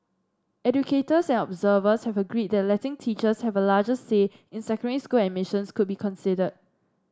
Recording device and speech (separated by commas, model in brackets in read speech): standing microphone (AKG C214), read sentence